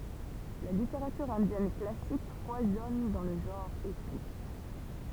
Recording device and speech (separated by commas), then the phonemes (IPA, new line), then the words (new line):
temple vibration pickup, read sentence
la liteʁatyʁ ɛ̃djɛn klasik fwazɔn dɑ̃ lə ʒɑ̃ʁ epik
La littérature indienne classique foisonne dans le genre épique.